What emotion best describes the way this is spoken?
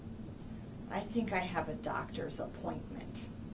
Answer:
neutral